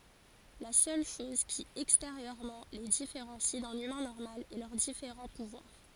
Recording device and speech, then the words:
forehead accelerometer, read sentence
La seule chose qui, extérieurement, les différencie d'un humain normal est leurs différents pouvoirs.

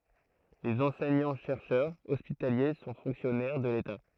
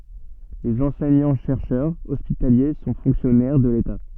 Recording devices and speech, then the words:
throat microphone, soft in-ear microphone, read sentence
Les enseignants-chercheurs hospitaliers sont fonctionnaires de l'État.

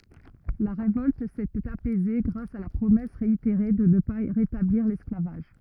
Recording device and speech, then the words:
rigid in-ear microphone, read sentence
La révolte s'était apaisée grâce à la promesse réitérée de ne pas rétablir l'esclavage.

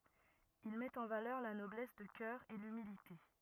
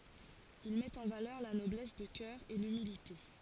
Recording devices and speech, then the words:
rigid in-ear microphone, forehead accelerometer, read sentence
Il met en valeur la noblesse de cœur et l'humilité.

